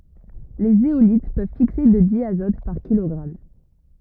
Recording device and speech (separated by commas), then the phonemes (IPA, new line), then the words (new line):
rigid in-ear microphone, read sentence
le zeolit pøv fikse də djazɔt paʁ kilɔɡʁam
Les zéolites peuvent fixer de diazote par kilogramme.